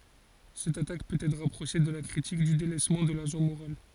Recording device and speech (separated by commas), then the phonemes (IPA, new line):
forehead accelerometer, read sentence
sɛt atak pøt ɛtʁ ʁapʁoʃe də la kʁitik dy delɛsmɑ̃ də laʒɑ̃ moʁal